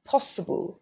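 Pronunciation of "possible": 'Possible' is said with a British pronunciation, with emphasis on the o sound.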